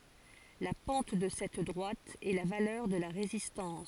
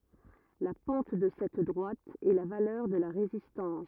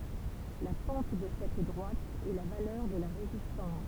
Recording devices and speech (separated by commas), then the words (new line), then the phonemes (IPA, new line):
forehead accelerometer, rigid in-ear microphone, temple vibration pickup, read sentence
La pente de cette droite est la valeur de la résistance.
la pɑ̃t də sɛt dʁwat ɛ la valœʁ də la ʁezistɑ̃s